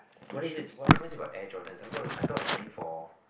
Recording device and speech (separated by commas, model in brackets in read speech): boundary microphone, conversation in the same room